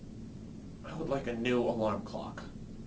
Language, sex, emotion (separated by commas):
English, male, disgusted